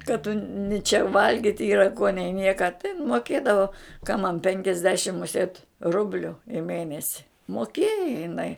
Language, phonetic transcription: Lithuanian, ka tu ni čia ˈvalgit' ˈyra ko nei ˈnieka tai in moˈkėdavo ka man ˈpenkiasdešim muˈsėt ˈrubliu i ˈmėnesi moˈkėja jiˈnai

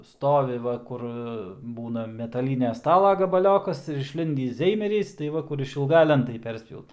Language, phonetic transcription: Lithuanian, ˈstovi ˈva ˈkur ˈbūna metaˈlynia ˈstala gabaˈliokas ir išˈlindįs ˈzeimerys tai ˈva kur išilˈga ˈlentai ˈperspjaut

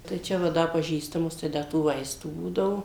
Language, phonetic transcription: Lithuanian, tai ˈčia va ˈda paˈžįstamus tai ˈda tų ˈvaistų ˈbūdavo

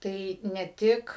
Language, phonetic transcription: Lithuanian, ˈtai ne ˈtik

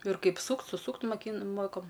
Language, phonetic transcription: Lithuanian, ir ˈkaip ˈsūkt suˈsūkt moˈkyn ˈmoko

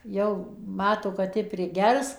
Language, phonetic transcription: Lithuanian, ˈjau ˈmato kad ˈi priˈgers

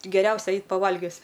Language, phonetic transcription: Lithuanian, geˈriausia ˈeit paˈvalgius

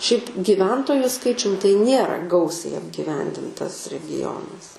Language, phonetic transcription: Lithuanian, šiaip gyˈventoju ˈskaičium tai ˈnėra ˈgausiai apgyˈvendintas regiˈjonas

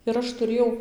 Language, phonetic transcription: Lithuanian, ir ˈaš tuˈrėjau

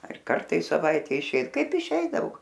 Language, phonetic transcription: Lithuanian, ar ˈkarta i saˈvaite iˈšėj ˈkaip iˈšeidavo

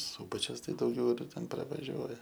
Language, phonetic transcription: Lithuanian, ˈsūbačius ˈtai dauˈgiau ˈten pravaˈžiuoja

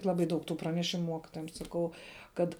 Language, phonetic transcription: Lithuanian, ˈlabai ˈdaug tu praneˈšimu ˈmuokitojam saˈkau ˈkad

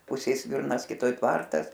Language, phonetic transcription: Lithuanian, ˈpusėj ˈsvirnas kiˈtoj ˈtvartas

